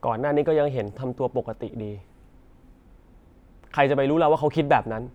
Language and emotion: Thai, frustrated